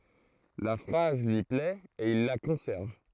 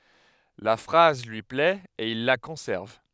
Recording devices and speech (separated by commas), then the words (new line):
throat microphone, headset microphone, read sentence
La phrase lui plait et il la conserve.